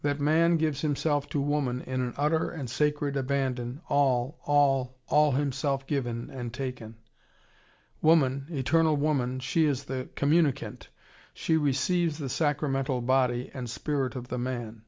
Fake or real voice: real